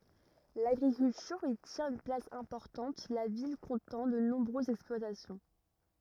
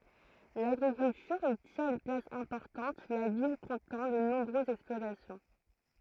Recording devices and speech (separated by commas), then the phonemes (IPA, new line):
rigid in-ear microphone, throat microphone, read sentence
laɡʁikyltyʁ i tjɛ̃t yn plas ɛ̃pɔʁtɑ̃t la vil kɔ̃tɑ̃ də nɔ̃bʁøzz ɛksplwatasjɔ̃